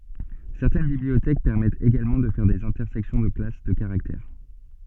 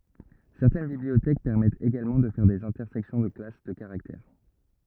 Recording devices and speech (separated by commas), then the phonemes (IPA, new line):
soft in-ear microphone, rigid in-ear microphone, read sentence
sɛʁtɛn bibliotɛk pɛʁmɛtt eɡalmɑ̃ də fɛʁ dez ɛ̃tɛʁsɛksjɔ̃ də klas də kaʁaktɛʁ